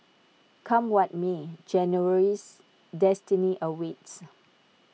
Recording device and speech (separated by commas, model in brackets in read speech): mobile phone (iPhone 6), read sentence